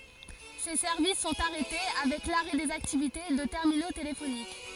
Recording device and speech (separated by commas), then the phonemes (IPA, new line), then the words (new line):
forehead accelerometer, read sentence
se sɛʁvis sɔ̃t aʁɛte avɛk laʁɛ dez aktivite də tɛʁmino telefonik
Ces services sont arrêtés avec l'arrêt des activités de terminaux téléphoniques.